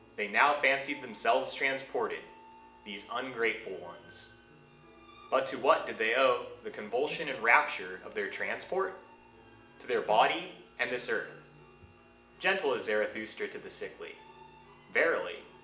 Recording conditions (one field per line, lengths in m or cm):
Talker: one person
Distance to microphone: 1.8 m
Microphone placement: close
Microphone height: 1.0 m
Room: large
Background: music